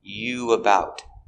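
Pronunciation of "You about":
In 'you about', the two words are linked together.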